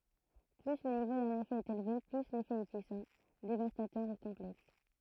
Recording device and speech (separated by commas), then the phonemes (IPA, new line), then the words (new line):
throat microphone, read sentence
ply lə nivo dœ̃n efɛ ɛt elve ply lefɛ ɛ pyisɑ̃ devastatœʁ u kɔ̃plɛks
Plus le niveau d'un effet est élevé, plus l'effet est puissant, dévastateur ou complexe.